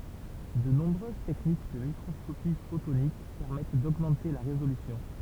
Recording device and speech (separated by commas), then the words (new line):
temple vibration pickup, read sentence
De nombreuses techniques de microscopie photonique permettent d'augmenter la résolution.